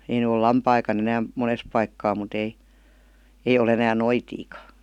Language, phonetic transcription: Finnish, ei ny ol "lampaikan ‿enääm , 'mones paikkaa mu't ‿ei , ''ei o'l ‿enään ''noitiika .
- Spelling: ei nyt ole lampaitakaan enää monessa paikkaa mutta ei ei ole enää noitiakaan

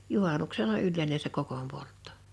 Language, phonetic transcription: Finnish, 'juhànuksena 'yllèine se 'kokom 'polttᴏ .
- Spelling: juhannuksena yleinen se kokon poltto

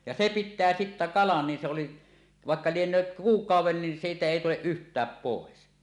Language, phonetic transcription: Finnish, ja se 'pittää sittä "kalan nin sᵉ oli , 'vàekka "lieǹööt "kuuk̀auw̆wen nin 'siitä 'èi tuleˀ "ˀyht̀ääp 'pòes .
- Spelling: ja se pitää sitten kalan niin se oli vaikka lienee kuukauden niin siitä ei tule yhtään pois

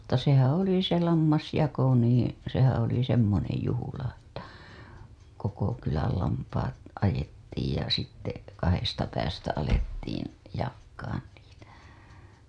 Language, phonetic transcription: Finnish, mutta sehää̰ 'oli se 'lammasjako niiḭ , sehää̰ oli 'semmonej juhula ‿ttä , "koko 'kyläl lampaat , ajettiij ja sitte , 'kahesta päästä alettiin , jakkaan niitä .
- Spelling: mutta sehän oli se lammasjako niin sehän oli semmoinen juhla että koko kylän lampaat ajettiin ja sitten kahdesta päästä alettiin jakamaan niitä

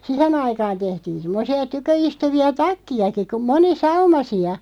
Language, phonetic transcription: Finnish, sihen ‿aikaan 'tehtiin̬ 'semmᵒsi₍a 'tykö₍istuvi₍a "takki₍aki ku 'moni"saumasi₍a .
- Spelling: siihen aikaan tehtiin semmoisia tyköistuvia takkejakin kuin monisaumaisia

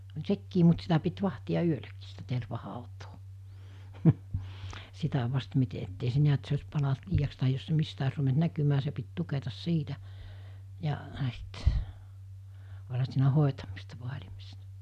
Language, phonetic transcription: Finnish, (oĺ) 'sekkii mut sitä pit 'vahti₍a 'yöläkii(s) sitä 'tervahàutoo , 'sitä vast mite ettei se 'niät se os̜ palant 'liijaks tahij jos se 'mistä os ruvent 'näkymää se pit 'tuketas 'siitä , ja , s̬it , oĺha siinä 'hòetamista 'voaĺimista .
- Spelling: oli sekin mutta sitä piti vahtia yölläkin sitä tervahautaa sitä vasten miten että ei se näet se olisi palanut liiaksi tai jos se mistä olisi ruvennut näkymään se piti tuketa siitä ja sitten olihan siinä hoitamista vaalimista

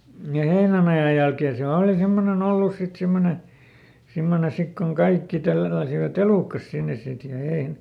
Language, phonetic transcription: Finnish, m̥ja ˈheinänaja jälkee siäˈl ‿òli ˈsemmone"n ‿ollus sit ˈsimmone , ˈsimmone sik koŋ "kaikki ˈtälläsivä"t ‿elùkkas ˈsinnes̆ ˈsit ja ein- ,.
- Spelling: ja heinänajan jälkeen siellä oli semmoinen ollut sitten semmoinen semmoinen sitten kun kaikki tälläsivät elukkansa sinne sitten ja -

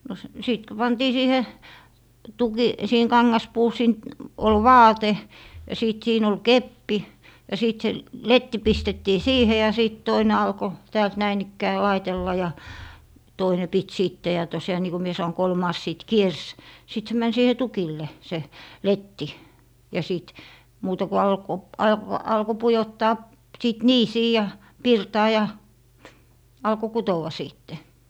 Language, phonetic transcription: Finnish, no s - 'sìt ko 'pantii "siihe , 'tuki - siiheŋ 'kaŋŋaspuu siin- , ol "vaate , ja 'sìt 'siin ‿ol "keppi , ja 'sìt se "letti "pistettii "siihe ja 'sìt 'toine alko , 'täält 'näin ‿ikkää "laitella ja , 'toine pit 'sìtte ja tosjaa niiko mie sano 'kolmaas 'sìt "kiers , sit se män 'siihe "tukille , 'se , "letti , ja 'sìt , muuta ku 'alko , 'alk - 'alko "pujottaa , 'sìt "niisii ja , "pirtaa ja , 'alko "kutowa 'sìtte .
- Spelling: no - sitten kun pantiin siihen - siihen kangaspuun - oli vaate ja sitten siinä oli keppi ja sitten se letti pistettiin siihen ja sitten toinen alkoi täältä näin ikään laitella ja toinen piti sitten ja tosiaan niin kuin minä sanoin kolmas sitten kiersi sitten se meni siihen tukille se letti ja sitten muuta kuin alkoi - alkoi pujottaa sitten niisiin ja pirtaan ja alkoi kutoa sitten

